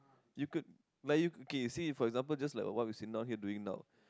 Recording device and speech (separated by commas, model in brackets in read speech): close-talking microphone, conversation in the same room